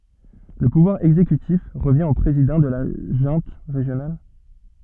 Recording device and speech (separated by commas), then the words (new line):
soft in-ear microphone, read sentence
Le pouvoir exécutif revient au président de la junte régionale.